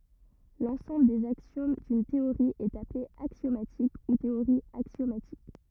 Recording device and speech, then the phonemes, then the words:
rigid in-ear microphone, read sentence
lɑ̃sɑ̃bl dez aksjom dyn teoʁi ɛt aple aksjomatik u teoʁi aksjomatik
L'ensemble des axiomes d'une théorie est appelé axiomatique ou théorie axiomatique.

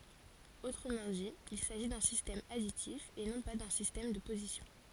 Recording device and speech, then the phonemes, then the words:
forehead accelerometer, read sentence
otʁəmɑ̃ di il saʒi dœ̃ sistɛm aditif e nɔ̃ pa dœ̃ sistɛm də pozisjɔ̃
Autrement dit, il s'agit d'un système additif et non pas d'un système de position.

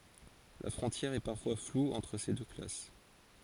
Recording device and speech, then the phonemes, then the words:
forehead accelerometer, read sentence
la fʁɔ̃tjɛʁ ɛ paʁfwa flu ɑ̃tʁ se dø klas
La frontière est parfois floue entre ces deux classes.

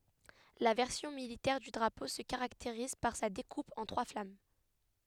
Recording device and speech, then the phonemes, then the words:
headset microphone, read sentence
la vɛʁsjɔ̃ militɛʁ dy dʁapo sə kaʁakteʁiz paʁ sa dekup ɑ̃ tʁwa flam
La version militaire du drapeau se caractérise par sa découpe en trois flammes.

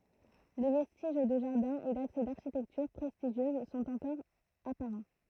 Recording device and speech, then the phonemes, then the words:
throat microphone, read sentence
le vɛstiʒ də ʒaʁdɛ̃ e daksɛ daʁʃitɛktyʁ pʁɛstiʒjøz sɔ̃t ɑ̃kɔʁ apaʁɑ̃
Les vestiges de jardin et d'accès d'architecture prestigieuse sont encore apparents.

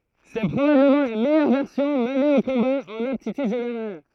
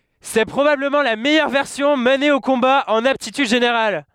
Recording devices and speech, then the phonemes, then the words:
throat microphone, headset microphone, read sentence
sɛ pʁobabləmɑ̃ la mɛjœʁ vɛʁsjɔ̃ məne o kɔ̃ba ɑ̃n aptityd ʒeneʁal
C’est probablement la meilleure version menée au combat en aptitudes générales.

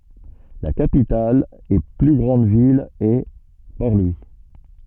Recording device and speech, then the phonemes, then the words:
soft in-ear microphone, read sentence
la kapital e ply ɡʁɑ̃d vil ɛ pɔʁ lwi
La capitale et plus grande ville est Port-Louis.

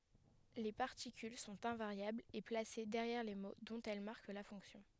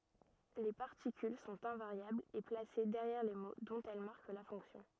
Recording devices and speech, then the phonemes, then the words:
headset microphone, rigid in-ear microphone, read sentence
le paʁtikyl sɔ̃t ɛ̃vaʁjablz e plase dɛʁjɛʁ le mo dɔ̃t ɛl maʁk la fɔ̃ksjɔ̃
Les particules sont invariables et placées derrière les mots dont elles marquent la fonction.

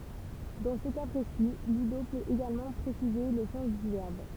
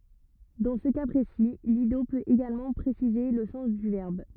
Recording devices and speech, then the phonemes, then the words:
temple vibration pickup, rigid in-ear microphone, read sentence
dɑ̃ sə ka pʁesi lido pøt eɡalmɑ̃ pʁesize lə sɑ̃s dy vɛʁb
Dans ce cas précis, l'ido peut également préciser le sens du verbe.

